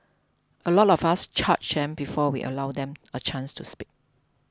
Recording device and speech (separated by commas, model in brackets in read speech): close-talking microphone (WH20), read sentence